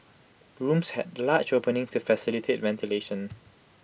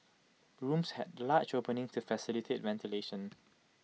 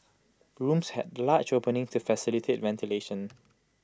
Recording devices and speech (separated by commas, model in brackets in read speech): boundary microphone (BM630), mobile phone (iPhone 6), close-talking microphone (WH20), read sentence